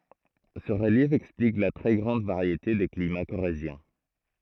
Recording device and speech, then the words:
throat microphone, read sentence
Ce relief explique la très grande variété des climats corréziens.

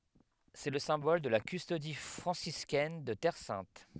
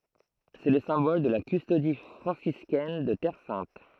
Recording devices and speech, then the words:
headset microphone, throat microphone, read sentence
C'est le symbole de la Custodie franciscaine de Terre sainte.

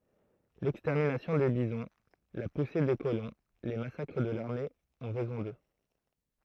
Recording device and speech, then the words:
throat microphone, read sentence
L'extermination des bisons, la poussée des colons, les massacres de l'armée ont raison d'eux.

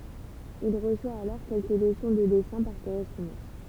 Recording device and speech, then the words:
temple vibration pickup, read sentence
Il reçoit alors quelques leçons de dessins par correspondance.

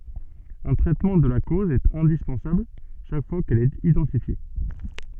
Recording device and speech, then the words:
soft in-ear microphone, read sentence
Un traitement de la cause est indispensable chaque fois qu'elle est identifiée.

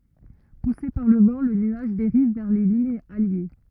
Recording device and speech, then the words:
rigid in-ear microphone, read sentence
Poussé par le vent, le nuage dérive vers les lignes alliées.

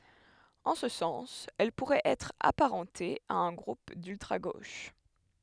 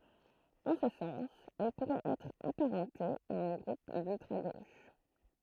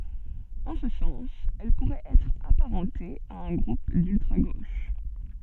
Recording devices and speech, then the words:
headset microphone, throat microphone, soft in-ear microphone, read sentence
En ce sens, elle pourrait être apparentée à un groupe d'ultra-gauche.

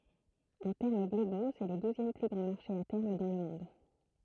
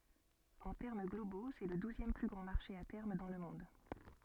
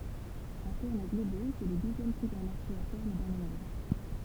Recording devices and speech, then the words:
throat microphone, soft in-ear microphone, temple vibration pickup, read sentence
En termes globaux, c'est le douzième plus grand marché à terme dans le monde.

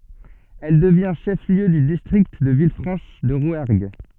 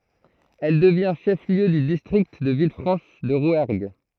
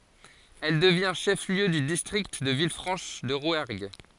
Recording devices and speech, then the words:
soft in-ear microphone, throat microphone, forehead accelerometer, read sentence
Elle devient chef-lieu du district de Villefranche-de-Rouergue.

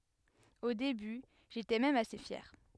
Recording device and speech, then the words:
headset microphone, read sentence
Au début, j'étais même assez fier.

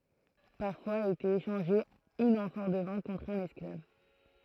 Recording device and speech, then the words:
throat microphone, read sentence
Parfois était échangée une amphore de vin contre un esclave.

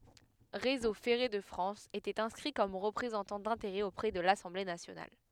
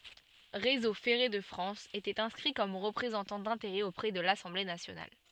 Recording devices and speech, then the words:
headset microphone, soft in-ear microphone, read sentence
Réseau ferré de France était inscrit comme représentant d'intérêts auprès de l'Assemblée nationale.

